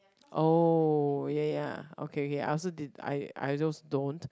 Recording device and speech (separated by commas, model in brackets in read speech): close-talking microphone, conversation in the same room